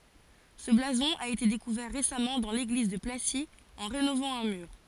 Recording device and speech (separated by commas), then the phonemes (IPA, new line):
forehead accelerometer, read sentence
sə blazɔ̃ a ete dekuvɛʁ ʁesamɑ̃ dɑ̃ leɡliz də plasi ɑ̃ ʁenovɑ̃ œ̃ myʁ